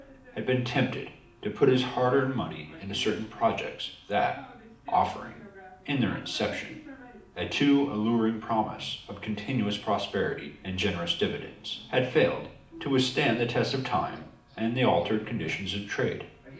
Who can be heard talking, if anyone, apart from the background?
One person.